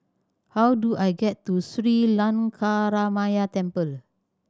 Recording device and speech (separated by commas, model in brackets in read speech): standing microphone (AKG C214), read sentence